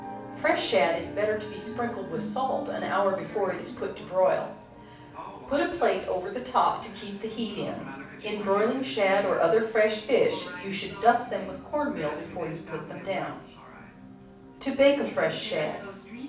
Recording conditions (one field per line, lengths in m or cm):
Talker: one person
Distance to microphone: 5.8 m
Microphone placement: far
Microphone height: 1.8 m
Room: medium-sized (5.7 m by 4.0 m)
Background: television